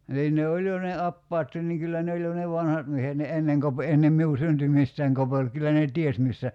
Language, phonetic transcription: Finnish, niin ne 'oĺ jo ne 'appaattin niŋ 'kyllä ne oĺ jo ne 'vanhat miehet ni 'enneŋ kope- 'ennem 'miu "syntymistäiŋ 'kopel 'kyllä ne 'ties missä ,.
- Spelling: niin ne oli jo ne apajatkin niin kyllä ne oli jo ne vanhat miehet niin ennen - ennen minun syntymistäni kopeli kyllä ne tiesi missä

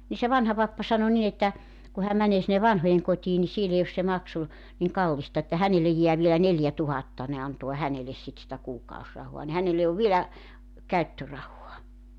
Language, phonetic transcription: Finnish, ni se 'vanha 'pappa sano nin ‿että , ku häm 'mänee sinne "vanhojeŋkot́ii ni 'siel ‿ei os se 'maksu , niŋ "kallista että 'hänelej jeä vielä "neljätuhatta ne 'anto̭a 'häneles sit sⁱtä 'kuukaosrahoa ni 'hänelle ov 'vielä , 'käyttörahua .
- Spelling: niin se vanha pappa sanoi niin että kun hän menee sinne vanhojenkotiin niin siellä ei ole se maksu niin kallista että hänelle jää vielä neljätuhatta ne antaa hänelle sitten sitä kuukausirahaa niin hänelle on vielä käyttörahaa

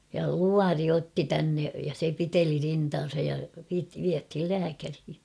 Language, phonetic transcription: Finnish, ja "luari 'otti 'tänne , ja se 'piteli 'rintaan̬saj ja vit- viäthil 'lääkärhi .
- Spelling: ja luoti otti tänne ja se piteli rintaansa ja - vietiin lääkäriin

